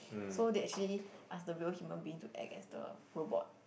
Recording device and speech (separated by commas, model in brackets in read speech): boundary microphone, conversation in the same room